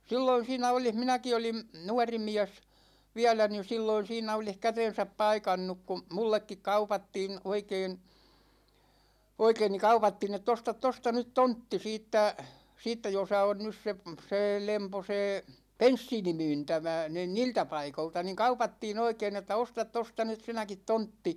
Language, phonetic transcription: Finnish, 'silloin̬ 'siinä olih 'minäki olim , 'nuarimiäs , 'viälä ni 'silloin̬ siinä 'olih "käten̬säp 'paikannuk ku , 'mullekkik 'kaupattiin̬ , 'oikeen̬ , 'oikein ni 'kaupattiin ‿ett̆‿ » 'ostat 'tosta 'nyt "tontti « 'siittä , 'siittä josa 'on 'nys se , 'see 'lempo 'see , "penssiini'myyntämä , 'niin "niiltä 'paikolta , ni 'kaupattii'n ‿oikein ‿että » "ostat 'tosta 'nyt 'sinäkit 'tontti « .
- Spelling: silloin siinä olisi minäkin olin nuorimies vielä niin silloin siinä olisi kätensä paikannut kun minullekin kaupattiin oikein oikein niin kaupattiin että osta tuosta nyt tontti siitä siitä jossa on nyt se se lempo se bensiinimyyntämä niin niiltä paikoilta niin kaupattiin oikein että osta tuosta nyt sinäkin tontti

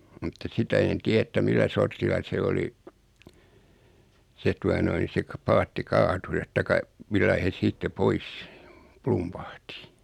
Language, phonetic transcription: Finnish, mutta 'sitä en 'tiä että 'millä sortilla se 'oli , 'se tua noin̬ se k- 'paatti 'kaatu(s et) 'taik̆ka , 'millai hes 'siitte "pois , "plumpahti .
- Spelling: mutta sitä en tiedä että millä sortilla se oli se tuota noin se - paatti kaatui että taikka millä lailla he sitten pois plumpahti

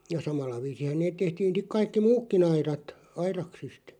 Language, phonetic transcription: Finnish, ja "samalla 'viisihä 'neeᵗ 'tehtiin̬ siᵏ 'kaikki "muukki'n ‿airat , 'airaksist .
- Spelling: ja samalla viisinhän ne tehtiin sitten kaikki muutkin aidat aidaksista

